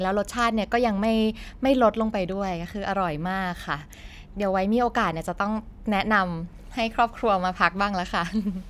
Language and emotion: Thai, happy